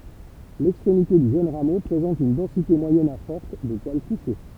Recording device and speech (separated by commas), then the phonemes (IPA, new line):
temple vibration pickup, read sentence
lɛkstʁemite dy ʒøn ʁamo pʁezɑ̃t yn dɑ̃site mwajɛn a fɔʁt də pwal kuʃe